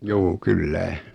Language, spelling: Finnish, juu kyllä
- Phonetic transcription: 'juu "kyllä .

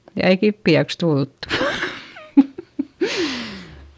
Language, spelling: Finnish, ja ei kipeäksi tultu
- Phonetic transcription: ja ei kippi₍äks tulttU .

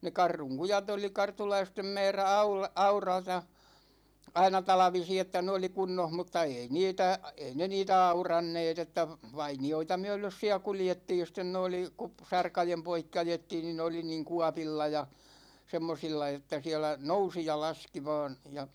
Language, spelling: Finnish, ne Kartun kujat oli kartulaisten määrä - aurata aina talvisin että ne oli kunnossa mutta ei niitä ei ne niitä auranneet että vainioita myöden siellä kuljettiin ja sitten ne oli - sarkojen poikki ajettiin niin ne oli niin kuopilla ja semmoisilla että siellä nousi ja laski vain ja
- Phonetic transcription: ne "Karruŋ 'kujat ‿oli 'kartulaistem 'mɛɛrä "aul- , "aurata , "aina 'talᵃvisi että 'ne oli "kunnon mutta 'ei "niitä , 'ei ne 'niitä "auranneet ‿että , "vaini₍oita 'myö̬lös siä 'kuljettiij ja sten ne 'oli , kup- , 'sarkajem poikki 'ajettiin ni ne 'oli niiŋ "kuapilla ja , 'semmosilla että 'siɛlä , "nousi ja "laski vaan ja ,.

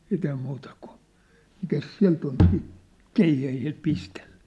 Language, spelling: Finnish, sitten ei muuta kuin mikäs sieltä oli siitä keihäillä pistellä
- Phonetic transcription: 'siit ‿ei 'muuta kun̬ , mikäs 'siä̭lt ‿ol siit , "keihähil 'pistelʟᴀ̈ .

